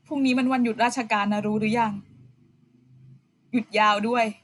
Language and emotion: Thai, frustrated